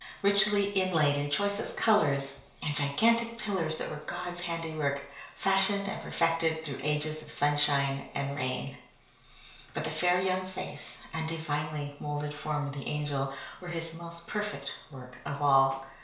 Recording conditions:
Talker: one person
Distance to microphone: 1.0 m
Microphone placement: close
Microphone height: 1.1 m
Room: small (3.7 m by 2.7 m)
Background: none

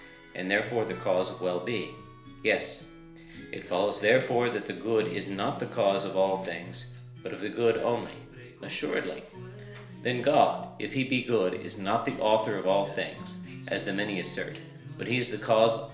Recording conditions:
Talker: one person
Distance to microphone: 1.0 m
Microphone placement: close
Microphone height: 1.1 m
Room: small (3.7 m by 2.7 m)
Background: music

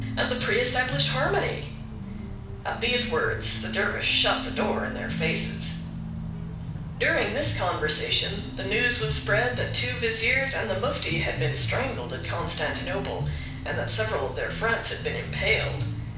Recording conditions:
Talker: one person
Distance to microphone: 5.8 m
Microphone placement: far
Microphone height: 1.8 m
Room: medium-sized (5.7 m by 4.0 m)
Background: music

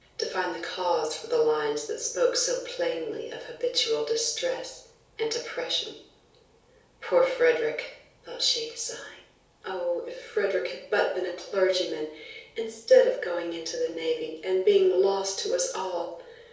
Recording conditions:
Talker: one person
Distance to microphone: 3.0 m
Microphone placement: far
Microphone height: 1.8 m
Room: small (3.7 m by 2.7 m)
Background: none

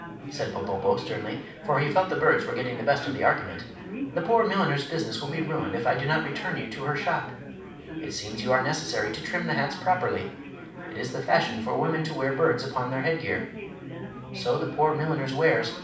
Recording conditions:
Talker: one person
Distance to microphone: 5.8 m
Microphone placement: far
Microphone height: 1.8 m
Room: medium-sized (5.7 m by 4.0 m)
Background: babble

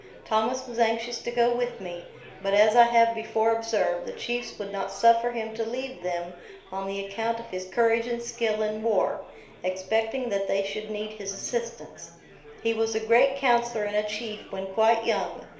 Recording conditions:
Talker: one person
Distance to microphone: 1.0 m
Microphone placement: close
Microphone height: 1.1 m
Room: small (3.7 m by 2.7 m)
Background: babble

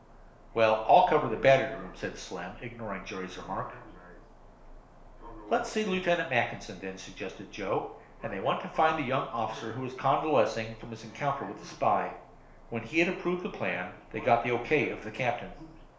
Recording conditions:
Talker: one person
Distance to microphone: 1.0 m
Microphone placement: close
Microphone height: 1.1 m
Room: small (3.7 m by 2.7 m)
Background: television

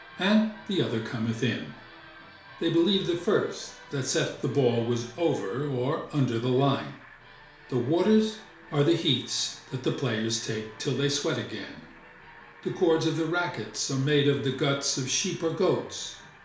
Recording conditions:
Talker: one person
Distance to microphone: 1.0 m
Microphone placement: close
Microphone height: 1.1 m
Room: small (3.7 m by 2.7 m)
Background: television

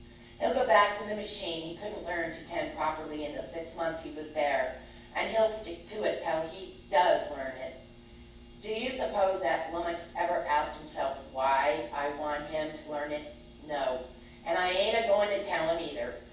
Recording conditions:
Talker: one person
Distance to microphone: 9.8 m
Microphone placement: far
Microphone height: 1.8 m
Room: large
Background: none

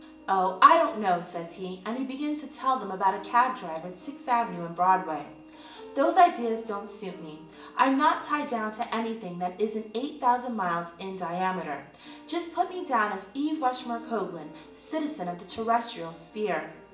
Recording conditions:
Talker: one person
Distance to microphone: 1.8 m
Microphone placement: close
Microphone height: 1.0 m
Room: large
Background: music

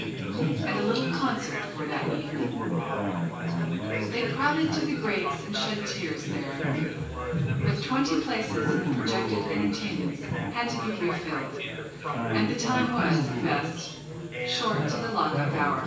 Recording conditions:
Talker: one person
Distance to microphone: 9.8 m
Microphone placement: far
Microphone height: 1.8 m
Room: large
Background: babble

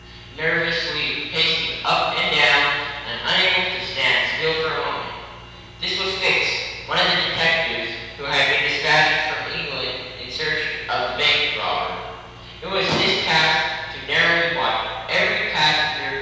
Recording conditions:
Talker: one person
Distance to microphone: 7.1 m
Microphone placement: far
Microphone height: 1.7 m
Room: very reverberant, large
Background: none

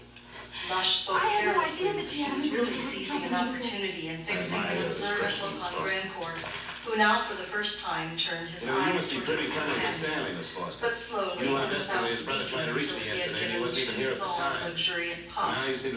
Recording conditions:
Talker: one person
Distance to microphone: 9.8 m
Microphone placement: far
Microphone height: 1.8 m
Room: large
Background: television

